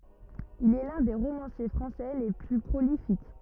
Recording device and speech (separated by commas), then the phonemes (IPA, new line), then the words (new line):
rigid in-ear microphone, read sentence
il ɛ lœ̃ de ʁomɑ̃sje fʁɑ̃sɛ le ply pʁolifik
Il est l'un des romanciers français les plus prolifiques.